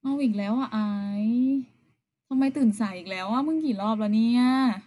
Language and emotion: Thai, frustrated